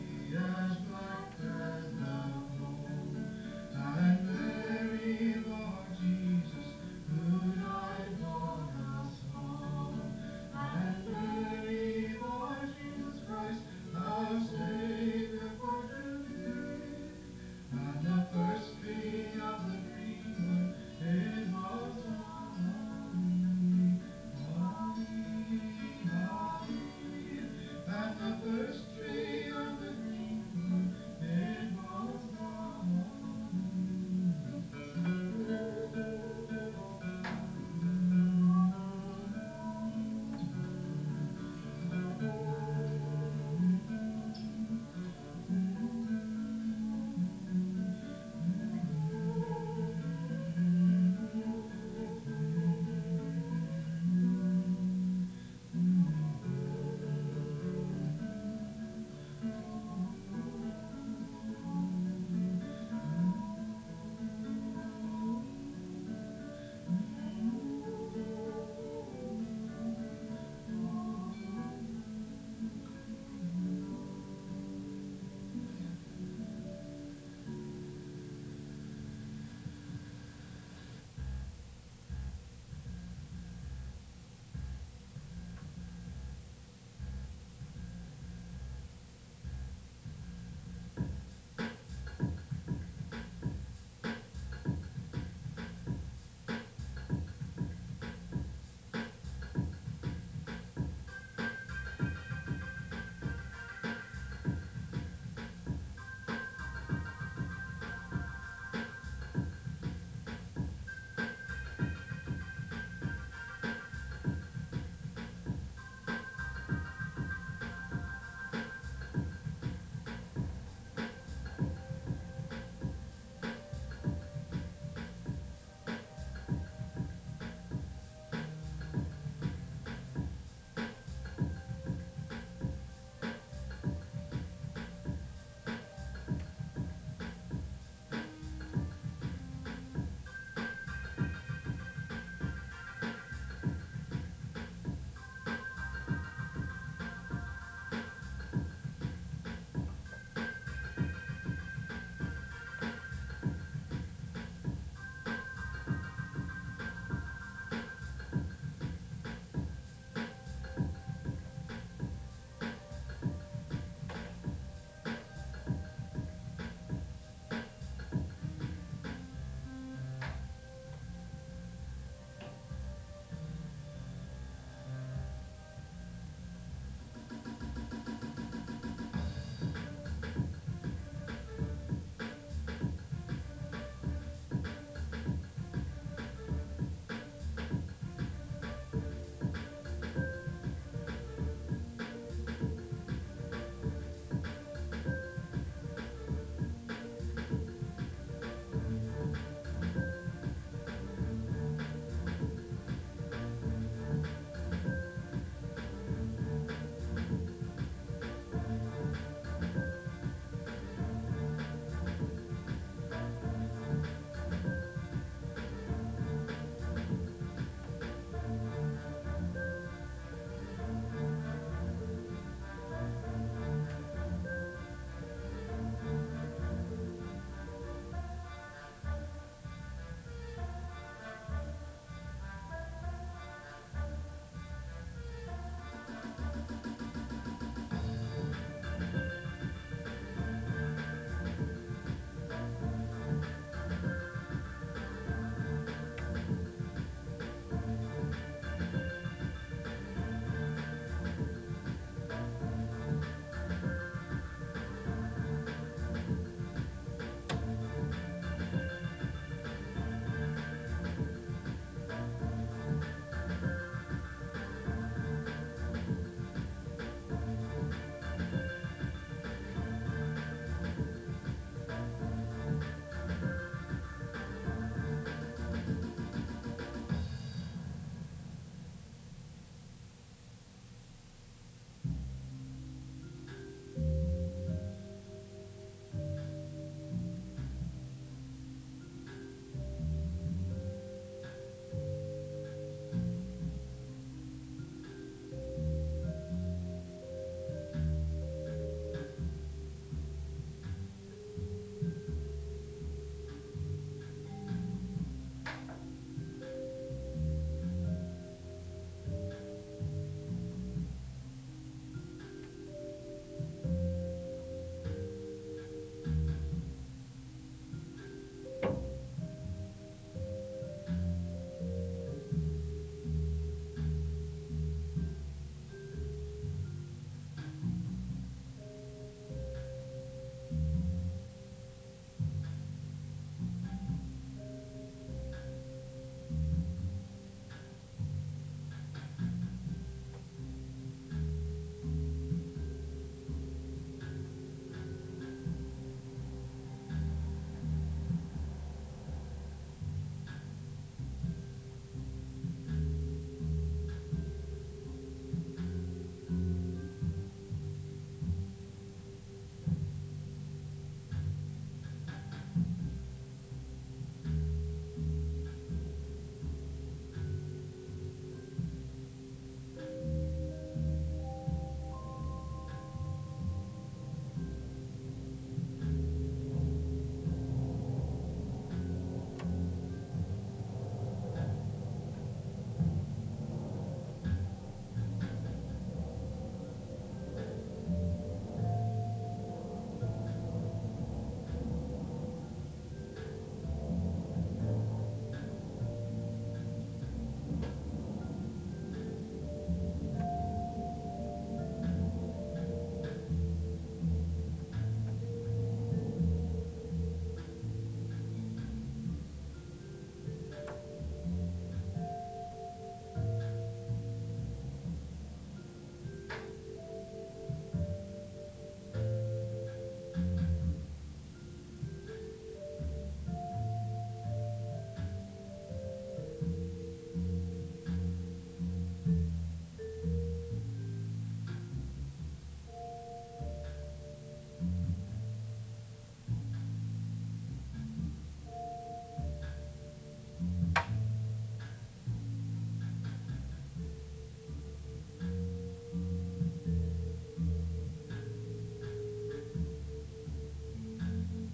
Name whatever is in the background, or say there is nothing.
Music.